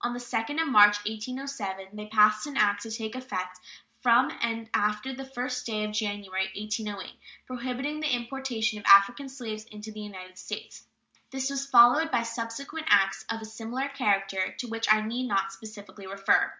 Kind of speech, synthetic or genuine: genuine